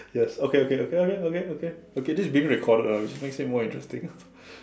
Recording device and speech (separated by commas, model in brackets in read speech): standing microphone, conversation in separate rooms